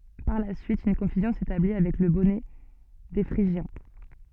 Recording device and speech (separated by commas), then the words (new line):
soft in-ear microphone, read sentence
Par la suite, une confusion s'établit avec le bonnet des Phrygiens.